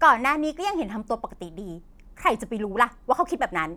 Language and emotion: Thai, angry